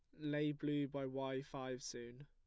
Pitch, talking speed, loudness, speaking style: 135 Hz, 175 wpm, -43 LUFS, plain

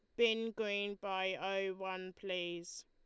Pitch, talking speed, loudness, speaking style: 190 Hz, 135 wpm, -38 LUFS, Lombard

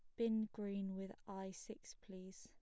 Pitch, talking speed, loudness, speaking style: 200 Hz, 160 wpm, -46 LUFS, plain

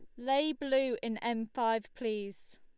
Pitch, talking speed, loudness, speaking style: 235 Hz, 150 wpm, -33 LUFS, Lombard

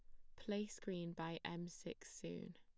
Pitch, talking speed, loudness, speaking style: 175 Hz, 165 wpm, -48 LUFS, plain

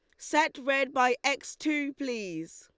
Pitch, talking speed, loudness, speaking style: 275 Hz, 150 wpm, -29 LUFS, Lombard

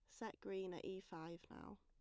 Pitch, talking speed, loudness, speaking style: 180 Hz, 225 wpm, -51 LUFS, plain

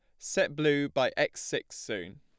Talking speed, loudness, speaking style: 180 wpm, -30 LUFS, plain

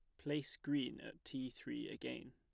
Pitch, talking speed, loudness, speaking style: 145 Hz, 170 wpm, -45 LUFS, plain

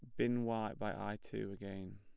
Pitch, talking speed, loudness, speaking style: 105 Hz, 205 wpm, -41 LUFS, plain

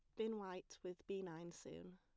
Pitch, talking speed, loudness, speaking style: 180 Hz, 205 wpm, -50 LUFS, plain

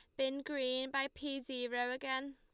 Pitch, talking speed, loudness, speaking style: 265 Hz, 170 wpm, -38 LUFS, Lombard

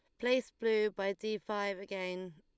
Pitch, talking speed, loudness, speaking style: 205 Hz, 165 wpm, -35 LUFS, Lombard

